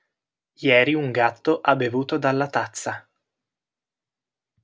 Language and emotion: Italian, neutral